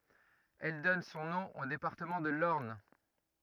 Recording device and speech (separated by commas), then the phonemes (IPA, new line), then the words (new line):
rigid in-ear microphone, read sentence
ɛl dɔn sɔ̃ nɔ̃ o depaʁtəmɑ̃ də lɔʁn
Elle donne son nom au département de l'Orne.